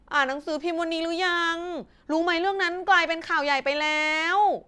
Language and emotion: Thai, frustrated